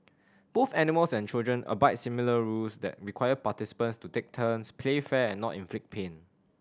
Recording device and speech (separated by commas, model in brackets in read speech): standing microphone (AKG C214), read sentence